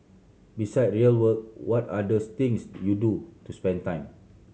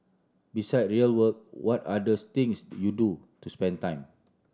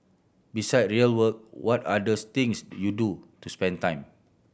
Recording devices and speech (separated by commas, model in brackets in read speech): mobile phone (Samsung C7100), standing microphone (AKG C214), boundary microphone (BM630), read sentence